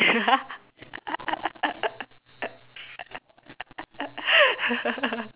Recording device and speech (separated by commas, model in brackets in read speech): telephone, conversation in separate rooms